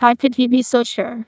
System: TTS, neural waveform model